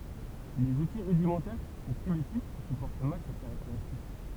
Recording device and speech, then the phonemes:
temple vibration pickup, read sentence
lez uti ʁydimɑ̃tɛʁ u pʁimitif sypɔʁt mal sɛt kaʁakteʁistik

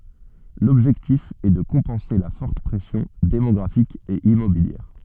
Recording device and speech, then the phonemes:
soft in-ear microphone, read sentence
lɔbʒɛktif ɛ də kɔ̃pɑ̃se la fɔʁt pʁɛsjɔ̃ demɔɡʁafik e immobiljɛʁ

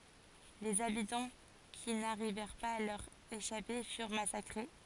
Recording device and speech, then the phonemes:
forehead accelerometer, read sentence
lez abitɑ̃ ki naʁivɛʁ paz a lœʁ eʃape fyʁ masakʁe

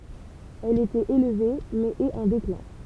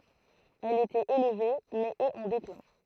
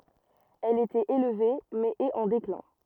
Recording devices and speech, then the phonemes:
temple vibration pickup, throat microphone, rigid in-ear microphone, read sentence
ɛl etɛt elve mɛz ɛt ɑ̃ deklɛ̃

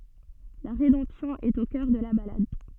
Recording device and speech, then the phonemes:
soft in-ear microphone, read sentence
la ʁedɑ̃psjɔ̃ ɛt o kœʁ də la balad

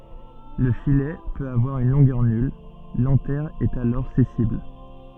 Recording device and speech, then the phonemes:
soft in-ear microphone, read sentence
lə filɛ pøt avwaʁ yn lɔ̃ɡœʁ nyl lɑ̃tɛʁ ɛt alɔʁ sɛsil

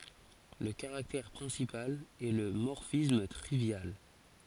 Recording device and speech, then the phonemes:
forehead accelerometer, read sentence
lə kaʁaktɛʁ pʁɛ̃sipal ɛ lə mɔʁfism tʁivjal

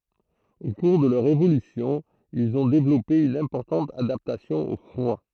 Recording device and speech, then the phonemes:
throat microphone, read sentence
o kuʁ də lœʁ evolysjɔ̃ ilz ɔ̃ devlɔpe yn ɛ̃pɔʁtɑ̃t adaptasjɔ̃ o fʁwa

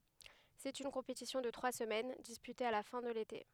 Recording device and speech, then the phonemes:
headset microphone, read sentence
sɛt yn kɔ̃petisjɔ̃ də tʁwa səmɛn dispyte a la fɛ̃ də lete

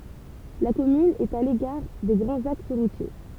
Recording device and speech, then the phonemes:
temple vibration pickup, read sentence
la kɔmyn ɛt a lekaʁ de ɡʁɑ̃z aks ʁutje

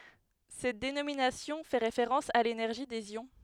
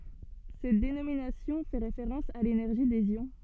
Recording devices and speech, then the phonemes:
headset microphone, soft in-ear microphone, read sentence
sɛt denominasjɔ̃ fɛ ʁefeʁɑ̃s a lenɛʁʒi dez jɔ̃

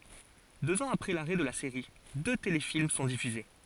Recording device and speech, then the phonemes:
forehead accelerometer, read sentence
døz ɑ̃z apʁɛ laʁɛ də la seʁi dø telefilm sɔ̃ difyze

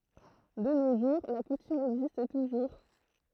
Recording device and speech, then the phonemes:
throat microphone, read sentence
də no ʒuʁ la kutym ɛɡzist tuʒuʁ

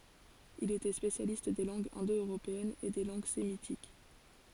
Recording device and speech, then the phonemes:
forehead accelerometer, read sentence
il etɛ spesjalist de lɑ̃ɡz ɛ̃dœʁopeɛnz e de lɑ̃ɡ semitik

